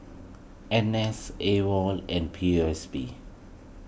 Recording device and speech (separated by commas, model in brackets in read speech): boundary microphone (BM630), read sentence